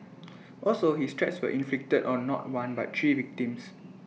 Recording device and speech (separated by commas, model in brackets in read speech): mobile phone (iPhone 6), read sentence